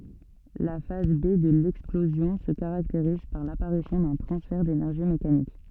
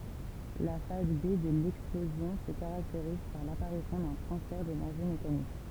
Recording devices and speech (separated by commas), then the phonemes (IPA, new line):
soft in-ear microphone, temple vibration pickup, read sentence
la faz be də lɛksplozjɔ̃ sə kaʁakteʁiz paʁ lapaʁisjɔ̃ dœ̃ tʁɑ̃sfɛʁ denɛʁʒi mekanik